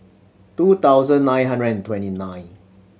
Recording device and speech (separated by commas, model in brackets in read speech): mobile phone (Samsung C7100), read sentence